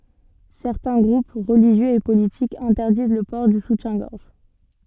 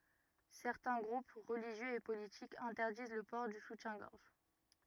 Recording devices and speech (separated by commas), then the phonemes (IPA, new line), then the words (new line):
soft in-ear microphone, rigid in-ear microphone, read sentence
sɛʁtɛ̃ ɡʁup ʁəliʒjøz e politikz ɛ̃tɛʁdiz lə pɔʁ dy sutjɛ̃ɡɔʁʒ
Certains groupes religieux et politiques interdisent le port du soutien-gorge.